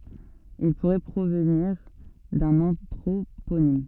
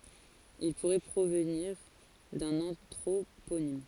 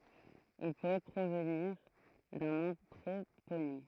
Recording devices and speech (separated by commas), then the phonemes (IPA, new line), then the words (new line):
soft in-ear microphone, forehead accelerometer, throat microphone, read sentence
il puʁɛ pʁovniʁ dœ̃n ɑ̃tʁoponim
Il pourrait provenir d'un anthroponyme.